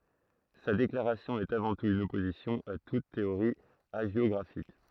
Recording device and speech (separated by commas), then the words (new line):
throat microphone, read sentence
Sa déclaration est avant tout une opposition à toute théorie hagiographique.